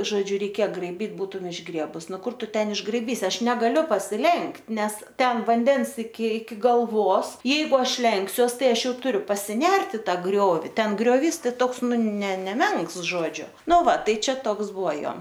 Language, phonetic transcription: Lithuanian, žoˈdžiu reiˈkėja graiˈbyt ˈbūtum išˈgriebus ˈnu ˈkur ˈtu ˈten išgraiˈbysi ˈaš negaˈliu pasiˈlenkt' ˈnes ˈten vanˈdens iki iki galˈvos ˈjeigu ˈaš ˈlenksiuos ˈtai ˈaš ˈjau tuˈriu pasiˈnert i ˈtą ˈgriovi ˈten grioˈvys ˈtoks ˈnu ne neˈmenks ˈžodžiu ˈnu ˈva ˈtai ˈčia ˈtoks ˈbuvo ˈjo

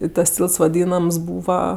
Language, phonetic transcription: Lithuanian, i tas ˈtylts vaˈdynams ˈbūva

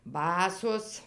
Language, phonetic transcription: Lithuanian, ˈbasos

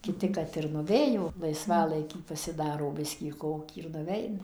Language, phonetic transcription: Lithuanian, kiˈti kad ir nuˈvėjo laisˈvalaikį pasiˈdaro ˈbiskį ˈkokį ir nuˈveina

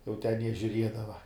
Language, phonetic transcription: Lithuanian, jau ten jie žiuˈriedava

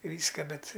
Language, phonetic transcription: Lithuanian, ˈvyska ˈbet

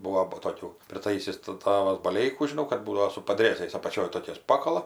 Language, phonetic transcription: Lithuanian, ˈbuo bu toˈkių priˈtaisis tɜ ˈtavas baˈleikų žiˈnau kad ˈbūdavo su padˈrėzais apaˈčioj toˈkiais ˈpakala

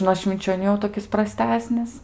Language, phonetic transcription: Lithuanian, nuo švinčioˈnių jau toˈkis praˈstesnis

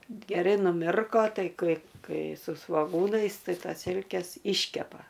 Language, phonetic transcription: Lithuanian, geˈrai nuˈmirko ˈtai ˈkai ˈkai su svoˈgūnais ˈtai ˈtas ˈsilkes ˈiškepa

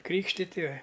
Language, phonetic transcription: Lithuanian, ˈkrykštiti

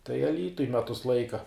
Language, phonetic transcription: Lithuanian, tai aˈlytuj ˈmetus ˈlaika

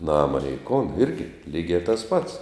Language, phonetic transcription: Lithuanian, ˈnama nei kon ˈirgi ˈlygia tas pats

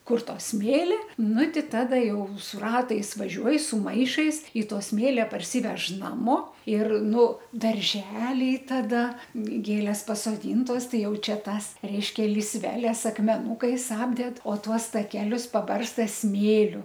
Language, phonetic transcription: Lithuanian, ˈkur ˈto ˈsmėli ˈnu ˈti ˈtada ˈjau su ˈratais vaˈžiuoj su ˈmaišais i ˈto ˈsmėlia parˈsyvež ˈnamo ir ˈnu darˈželiai taˈda ˈgėlės pasoˈdyntos ˈtai ˈjau ˈčia ˈtąs ˈreiškia lysˈveles akmeˈnūkais ˈapded o ˈtuos taˈkelius paˈbarsta ˈsmėliu

